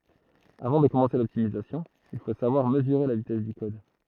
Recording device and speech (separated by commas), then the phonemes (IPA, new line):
throat microphone, read sentence
avɑ̃ də kɔmɑ̃se lɔptimizasjɔ̃ il fo savwaʁ məzyʁe la vitɛs dy kɔd